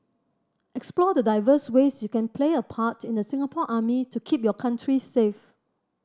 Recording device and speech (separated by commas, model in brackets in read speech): standing microphone (AKG C214), read sentence